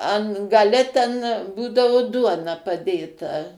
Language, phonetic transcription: Lithuanian, ˈan gaˈle ˈten ˈbūdavu ˈduona paˈdėta

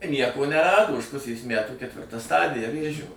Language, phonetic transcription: Lithuanian, ˈnieko neˈrado už ˈpusės ˈmætų ketˈvirta ˈstadija ˈvėžio

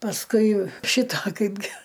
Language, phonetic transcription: Lithuanian, pasˈkui ˈšita ˈkaipgi

